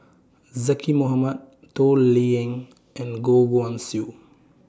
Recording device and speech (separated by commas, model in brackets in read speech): standing microphone (AKG C214), read sentence